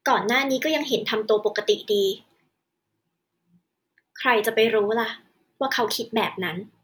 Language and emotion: Thai, frustrated